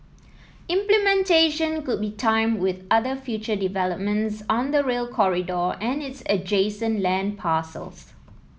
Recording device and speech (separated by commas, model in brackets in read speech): mobile phone (iPhone 7), read sentence